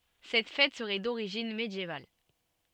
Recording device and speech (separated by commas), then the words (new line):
soft in-ear microphone, read sentence
Cette fête serait d'origine médiévale.